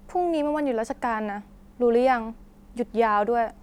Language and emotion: Thai, frustrated